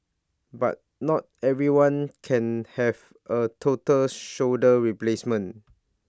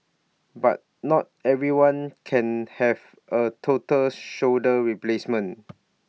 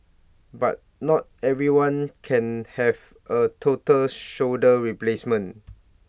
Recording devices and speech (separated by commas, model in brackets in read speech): standing microphone (AKG C214), mobile phone (iPhone 6), boundary microphone (BM630), read sentence